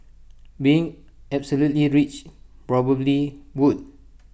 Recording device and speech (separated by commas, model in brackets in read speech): boundary microphone (BM630), read sentence